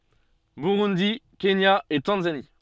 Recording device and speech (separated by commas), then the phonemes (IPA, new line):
soft in-ear microphone, read sentence
buʁundi kenja e tɑ̃zani